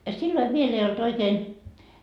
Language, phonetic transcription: Finnish, ja 'silloi 'viel ‿ei olt 'oikeen ,.
- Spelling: ja silloin vielä ei ollut oikein

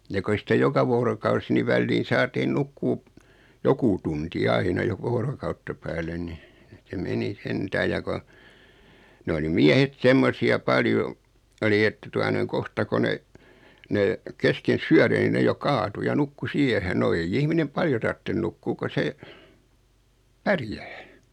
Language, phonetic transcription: Finnish, ja 'ko ei 'sⁱtä "joka 'voorokausi ni 'välliin̬ 'saatiin "nukkuu , "joku tunti "aina 'joka voorokautta 'päälen ni , se 'meni "sentääj ja ko , 'n ‿oli 'miähet "semmosi₍a 'paljo , oli että tua noiŋ "kohta ko 'ne ; 'ne , 'kesken "syäre ni ne jo 'kaatu ja 'nukku "siehen no 'ei'j ‿ihminem "paljo tartten 'nukkuu ko 'se , "pärjää .
- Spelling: ja kun ei sitä joka vuorokausi niin väliin saatiin nukkua joku tunti aina joka vuorokautta päälle niin se meni sentään ja kun ne oli miehet semmoisia paljon oli että tuota noin kohta kun ne ne kesken syöden niin ne jo kaatui ja nukkui siihen no ei ihminen paljon tarvitse nukkua kun se pärjää

